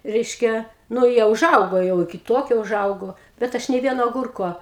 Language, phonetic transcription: Lithuanian, ˈreiškia nu ˈjie uˈžaugo jau iki ˈtokio uˈžaugo bet ˈaš nė ˈvieno aˈgurko

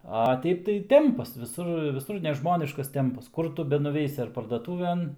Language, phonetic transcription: Lithuanian, a ˈteip tai ˈtempas viˈsur viˈsur neˈžmoniškas ˈtempas ˈkur tu benuˈveisi ar pardaˈtūven

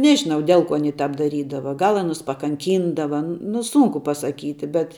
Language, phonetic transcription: Lithuanian, ˈnežinau ˈdel ˌkuo aˈny ˈtāp daˈrydava ˈgal aˈnus pakanˈkyndava nu ˈsunku pasaˈkyti bet

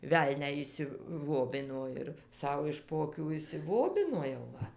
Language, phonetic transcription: Lithuanian, ˈvelnią išsiˈvobino ir ˈsau iš po aˈkių išsiˈvobino jau ˈva

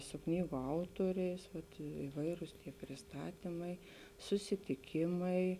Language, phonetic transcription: Lithuanian, su ˈknygu ˈautuoriais ˈvat iˈvairus prisˈtatymai susitiˈkimai

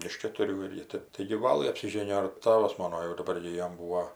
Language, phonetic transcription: Lithuanian, iš ketuˈrių ir ˈji ˈtɜp taigi ˈvalɘ apsiˈžėnijo ir ˈtavas ˈmono jau daˈbar gi ˈjom ˈbūo

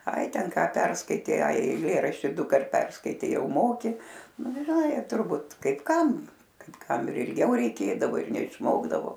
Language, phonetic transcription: Lithuanian, ˈai ˈten ˈką ˈperskaitei ˈai eiˈlėrašti ˈdukart ˈperskaitei ˈjau ˈmoki nu ˈgi žiˈnai turˈbūt kaip ˈkam kaip ˈkam ir ilˈgiau reiˈkėdavo ir neišˈmokdavo

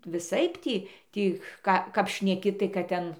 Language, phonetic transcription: Lithuanian, viˈsaip ˈtį ˈtį ˈka kap šneˈki tai kad ˈten

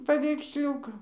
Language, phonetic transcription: Lithuanian, paveiksˈliūka

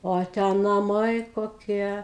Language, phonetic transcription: Lithuanian, ˈo ˈtę naˈmai koˈkie

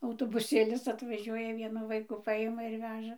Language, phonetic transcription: Lithuanian, autobuˈsėlis atvaˈžiuoja ˈvienu ˈvaikų ˈpaima ir ˈveža

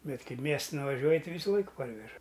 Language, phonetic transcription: Lithuanian, ˈbet ˈkai ˈmiestan vaˈžiuoji ti ˈvysuˈlaik ˈparveža

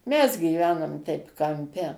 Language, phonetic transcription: Lithuanian, ˈmes gyˈvenom ˈteip kamˈpe

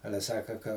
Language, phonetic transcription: Lithuanian, ˈale ˈsaka ka

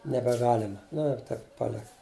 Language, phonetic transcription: Lithuanian, nebeˈgalema ˈnu ir ˈtaip paˈlika

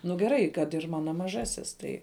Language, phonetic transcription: Lithuanian, nu geˈrai kad ir ˈmano maˈžasis ˈtai

